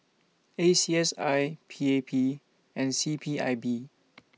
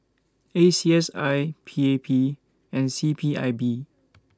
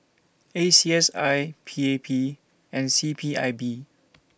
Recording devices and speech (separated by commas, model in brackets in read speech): mobile phone (iPhone 6), standing microphone (AKG C214), boundary microphone (BM630), read sentence